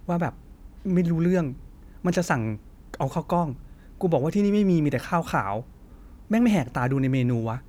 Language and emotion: Thai, frustrated